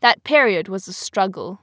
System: none